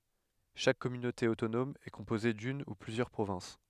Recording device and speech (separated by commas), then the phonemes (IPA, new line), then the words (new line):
headset microphone, read sentence
ʃak kɔmynote otonɔm ɛ kɔ̃poze dyn u plyzjœʁ pʁovɛ̃s
Chaque communauté autonome est composée d'une ou plusieurs provinces.